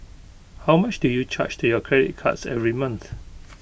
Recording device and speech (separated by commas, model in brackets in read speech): boundary microphone (BM630), read sentence